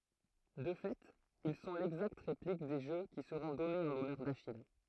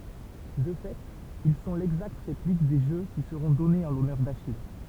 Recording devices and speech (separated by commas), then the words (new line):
throat microphone, temple vibration pickup, read sentence
De fait, ils sont l'exacte réplique des jeux qui seront donnés en l'honneur d'Achille.